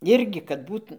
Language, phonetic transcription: Lithuanian, ˈirgi kad ˈbūt

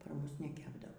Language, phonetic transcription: Lithuanian, par ˈmus neˈkepdavo

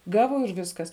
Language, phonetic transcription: Lithuanian, ˈgavo ir ˈviskas

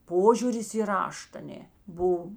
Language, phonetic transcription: Lithuanian, ˈpožiūris į ˈrašt aˈnė ˈbuv

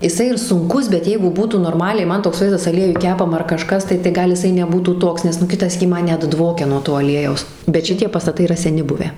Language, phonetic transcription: Lithuanian, jiˈsai ir sunˈkus bet ˈjeigu ˈbūtų norˈmaliai ˈman toks ˈvaizdas aˈliejuj ˈkepama ar kaˈžkas ˈtai tai ˈgal jiˈsai neˈbūtų ˈtoks nes ˈnu ˈkita ˈsykį ˈman ˈnet ˈdvokia nuo ˈto aˈliejaus bet ˈšitie pastaˈtai yˈra seˈni ˈbuvę

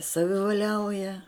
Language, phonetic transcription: Lithuanian, savivaˈliauja

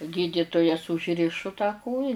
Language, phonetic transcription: Lithuanian, ˈgyditujas užˈrišu tą ˈkoja

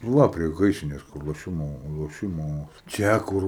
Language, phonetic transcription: Lithuanian, nu ˈva prie ˈgaisrinės kur loˈšimo loˈšimo ˈčia ˈkur

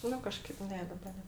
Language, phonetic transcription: Lithuanian, ˈnu kaˈžkaip ˈne ˈdaba ˈne

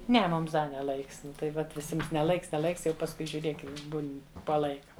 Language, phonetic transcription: Lithuanian, ˈne ˈmums ˈda ne ˈlaiks ˈnu tai ˈvat viˈsims ne ˈlaiks ne ˈlaiks ˈjau pasˈkui žiuˈrėk ˈjau ˈbūn' po ˈlaika

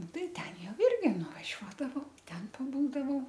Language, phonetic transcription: Lithuanian, ˈnu ˈtai ˈten ˈjau ˈirgi nuvaˈžiuodavau ˈten paˈbūdavau

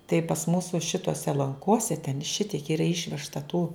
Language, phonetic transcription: Lithuanian, tai pas ˈmūsu ˈšitose lanˈkose ten ˈšitiek ˈyra ˈišvežta tų

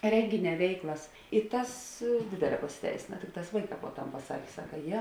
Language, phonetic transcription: Lithuanian, ˈrengiˌnē ˈveiklas i ˈtas ˈdėdėˌlē pasiˈteisėna ˈtikˌtās ˈvaiˌkā po ˈtam paˈsakė ˈsaka ˈje

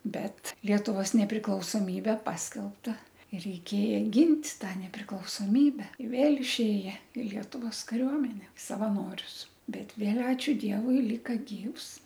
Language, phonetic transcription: Lithuanian, ˈbet ˈlietuvos nepriklausoˈmybe ˈpaskelbta i reiˈkėja ˈgint' ˈtą nepriklausoˈmybe i ˈvėl išˈėje i ˈlietuvos kaˈriuomene savaˈnorius ˈbet ˈvėl ˈačiu ˈdievui ˈlyka ˈgyvs

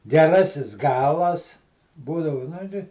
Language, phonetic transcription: Lithuanian, geˈrasis ˈgalas ˈbūdavu nu ˈti

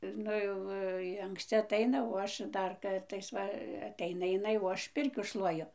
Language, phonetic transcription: Lithuanian, ˈnu jau ji anksˈci atˈaina o ˈaš ˈdar ˈkartais ˈva atˈeina iˈnai o ˈaš ˈpirkių ˈšluoju

